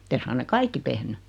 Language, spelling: Finnish, mutta ei suinkaan ne kaikki tehnyt
- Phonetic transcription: [mu]t 'es suŋkan nek 'kaikki tehny .

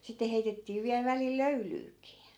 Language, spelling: Finnish, sitten heitettiin vielä välillä löylyäkin
- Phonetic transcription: 'sitte heitettii viäl 'välil "löylyykii .

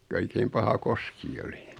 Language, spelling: Finnish, kun oikein paha koski oli
- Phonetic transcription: ko 'oikeim paha 'koski oli .

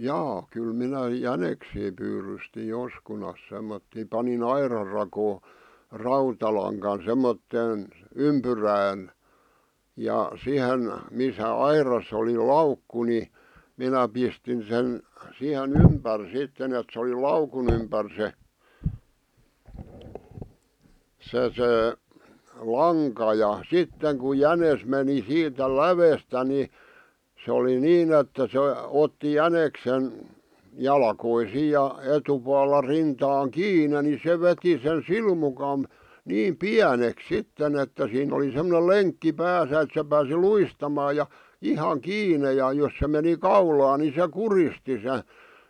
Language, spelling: Finnish, jaa kyllä minä jäniksiä pyydystin joskus semmoisia panin aidan rakoon rautalangan semmoiseen ympyrään ja siihen missä aidassa oli laukku niin minä pistin sen siihen ympäri sitten että se oli laukun ympäri se se se lanka ja sitten kun jänis meni siitä lävestä niin se oli niin että se otti jäniksen jalkoihin ja etupuolella rintaan kiinni niin se veti sen silmukan niin pieneksi sitten että siinä oli semmoinen lenkki päässä että se pääsi luistamaan ja ihan kiinni ja jos se meni kaulaan niin se kuristi se
- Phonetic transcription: jaa , 'kyl minä "jäneksii pyyrysti 'joskunas semmottì 'pani"n ‿airar rakoo , "rautalaŋkan 'semmotteen , "ympyrään , 'ja , 'sihen , 'misä "airasˢ ‿oli "laukku ni , 'minä pistin 'sen , 'sihe"n ‿ympär sitten ‿et sᵉ oli "laukun ‿ympär 'se , 'se 'se , "laŋka ja , "sitteŋ kuj 'jänes meni "siitä "lävestä ni , 'se oli 'niin ‿että se , otti "jäneksen , "jalkoisiij ja , 'etupualla "rintaaŋ "kiine ni 'se veti sen "silmukam̳ , 'niim "piäneks "sitten ‿että 'siinⁿ ‿oli semᵒne "leŋkki "pääsä et se pääsi "luistamaa ja , 'ihaŋ "kiine ja jos se meni "kaulaa ni se "kuristi se .

